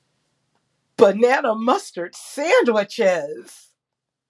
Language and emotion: English, surprised